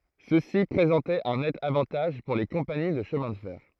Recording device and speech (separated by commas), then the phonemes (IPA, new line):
throat microphone, read sentence
səsi pʁezɑ̃tɛt œ̃ nɛt avɑ̃taʒ puʁ le kɔ̃pani də ʃəmɛ̃ də fɛʁ